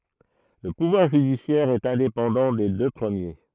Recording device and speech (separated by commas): throat microphone, read sentence